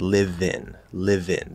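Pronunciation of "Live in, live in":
In 'live in', the v links straight on to the vowel of 'in'.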